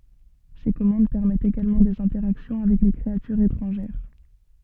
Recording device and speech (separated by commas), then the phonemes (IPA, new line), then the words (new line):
soft in-ear microphone, read sentence
se kɔmɑ̃d pɛʁmɛtt eɡalmɑ̃ dez ɛ̃tɛʁaksjɔ̃ avɛk le kʁeatyʁz etʁɑ̃ʒɛʁ
Ces commandes permettent également des interactions avec les créatures étrangères.